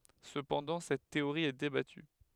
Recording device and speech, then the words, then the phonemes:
headset microphone, read sentence
Cependant, cette théorie est débattue.
səpɑ̃dɑ̃ sɛt teoʁi ɛ debaty

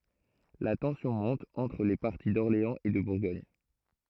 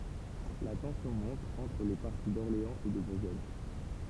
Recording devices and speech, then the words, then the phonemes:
throat microphone, temple vibration pickup, read sentence
La tension monte entre les partis d'Orléans et de Bourgogne.
la tɑ̃sjɔ̃ mɔ̃t ɑ̃tʁ le paʁti dɔʁleɑ̃z e də buʁɡɔɲ

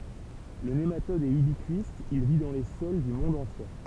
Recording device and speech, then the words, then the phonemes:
temple vibration pickup, read sentence
Le nématode est ubiquiste, il vit dans les sols du monde entier.
lə nematɔd ɛt ybikist il vi dɑ̃ le sɔl dy mɔ̃d ɑ̃tje

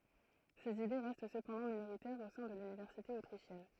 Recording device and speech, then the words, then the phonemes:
throat microphone, read sentence
Ses idées restent cependant minoritaires au sein de l'université autrichienne.
sez ide ʁɛst səpɑ̃dɑ̃ minoʁitɛʁz o sɛ̃ də lynivɛʁsite otʁiʃjɛn

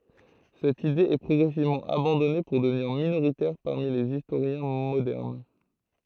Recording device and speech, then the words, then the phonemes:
throat microphone, read sentence
Cette idée est progressivement abandonnée pour devenir minoritaire parmi les historiens modernes.
sɛt ide ɛ pʁɔɡʁɛsivmɑ̃ abɑ̃dɔne puʁ dəvniʁ minoʁitɛʁ paʁmi lez istoʁjɛ̃ modɛʁn

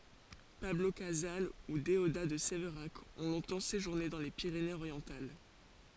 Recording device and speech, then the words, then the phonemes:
forehead accelerometer, read sentence
Pablo Casals ou Déodat de Séverac ont longtemps séjourné dans les Pyrénées-Orientales.
pablo kazal u deoda də sevʁak ɔ̃ lɔ̃tɑ̃ seʒuʁne dɑ̃ le piʁenez oʁjɑ̃tal

